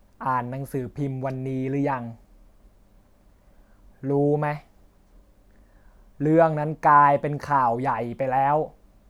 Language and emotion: Thai, frustrated